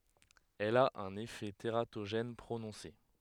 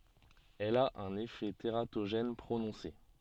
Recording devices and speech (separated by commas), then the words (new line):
headset microphone, soft in-ear microphone, read sentence
Elle a un effet tératogène prononcé.